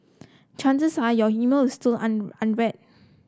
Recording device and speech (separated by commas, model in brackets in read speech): close-talking microphone (WH30), read sentence